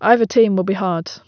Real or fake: real